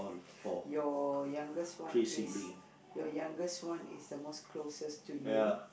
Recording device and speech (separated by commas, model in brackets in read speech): boundary microphone, conversation in the same room